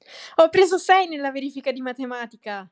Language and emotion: Italian, happy